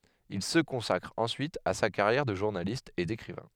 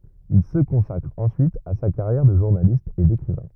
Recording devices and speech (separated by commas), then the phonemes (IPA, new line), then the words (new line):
headset microphone, rigid in-ear microphone, read sentence
il sə kɔ̃sakʁ ɑ̃syit a sa kaʁjɛʁ də ʒuʁnalist e dekʁivɛ̃
Il se consacre ensuite à sa carrière de journaliste et d'écrivain.